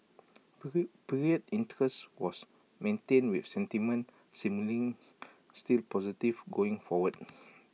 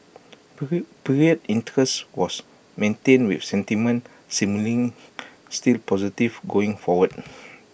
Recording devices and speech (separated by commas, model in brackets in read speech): mobile phone (iPhone 6), boundary microphone (BM630), read sentence